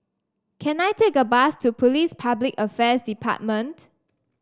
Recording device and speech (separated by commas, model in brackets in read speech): standing microphone (AKG C214), read sentence